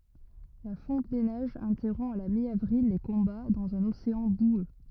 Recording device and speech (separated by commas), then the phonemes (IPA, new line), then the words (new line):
rigid in-ear microphone, read sentence
la fɔ̃t de nɛʒz ɛ̃tɛʁɔ̃ a la mjavʁil le kɔ̃ba dɑ̃z œ̃n oseɑ̃ bwø
La fonte des neiges interrompt à la mi-avril les combats dans un océan boueux.